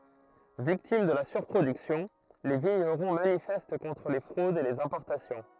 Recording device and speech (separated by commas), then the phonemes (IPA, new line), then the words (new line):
throat microphone, read sentence
viktim də la syʁpʁodyksjɔ̃ le viɲəʁɔ̃ manifɛst kɔ̃tʁ le fʁodz e lez ɛ̃pɔʁtasjɔ̃
Victimes de la surproduction, les vignerons manifestent contre les fraudes et les importations.